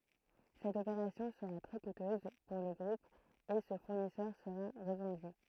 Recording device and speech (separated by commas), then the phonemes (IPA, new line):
throat microphone, read sentence
sɛt opeʁasjɔ̃ səʁa tʁɛ kutøz puʁ lə ɡʁup e sə fuʁnisœʁ səʁa ʁəvɑ̃dy